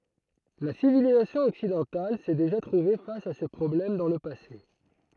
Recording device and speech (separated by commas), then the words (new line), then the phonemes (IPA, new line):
throat microphone, read sentence
La civilisation occidentale s'est déjà trouvée face à ce problème dans le passé.
la sivilizasjɔ̃ ɔksidɑ̃tal sɛ deʒa tʁuve fas a sə pʁɔblɛm dɑ̃ lə pase